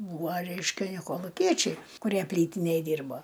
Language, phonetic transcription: Lithuanian, ˈbūvo ˈreiškia ˈne koluˈkiečiai kuˈrie ˈplytinėj ˈdyrbo

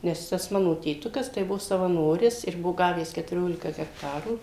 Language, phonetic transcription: Lithuanian, ˈnes ˈtas ˈmano tėˈtukas tai ˈbuvo savaˈnoris ir ˈbuvo ˈgavęs ketuˈriolika gekˈtarų

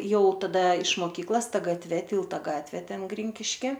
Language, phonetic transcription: Lithuanian, ˈjau taˈda iš moˈkyklas ˈta gatˈve ˈtylta ˈgatvė ˈten ˈgrinkiški

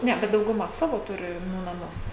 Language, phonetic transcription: Lithuanian, ˈne bet dauguˈma ˈsavo ˈturi nu naˈmus

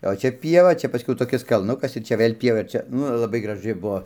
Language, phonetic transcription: Lithuanian, o ˈčia ˈpieva ˈčia paˈskiau toˈkis kalˈnukas ir ˈčia ˈvɘl' ˈpieva ir ˈčia ˈnu ir laˈbai graˈžɨ ˈbuo

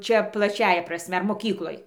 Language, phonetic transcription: Lithuanian, ˈčia plaˈčiąja praˈsme moˈkykloj

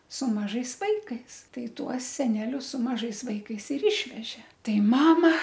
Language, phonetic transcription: Lithuanian, su maˈžais ˈvaikais ˈtai ˈtuos seˈnelius su maˈžais ˈvaikais ir ˈišvežė ˈtai ˈmama

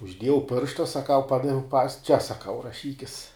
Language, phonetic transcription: Lithuanian, užˈdiejau ˈpiršta saˈkau ˈpadaviau pas čia saˈkau raˈšykis

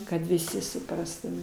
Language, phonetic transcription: Lithuanian, kad viˈsi suˈprastume

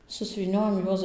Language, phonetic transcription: Lithuanian, susvyˈniojam ˈjuos

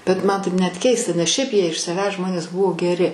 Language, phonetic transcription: Lithuanian, bet ˈman taip net ˈkeista nes ˈšiaip ˈjie iš saˈvęs ˈžmonės ˈbuvo geˈri

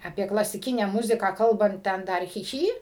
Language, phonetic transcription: Lithuanian, aˈpie klasiˈkinę ˈmuziką ˈkalbant ˈten ˈdar chi ˈchy

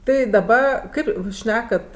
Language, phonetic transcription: Lithuanian, ˈtai daˈba ˈkaip ˈjūs ˈšnekat

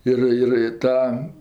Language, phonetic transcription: Lithuanian, ˈir ir i ˈtam

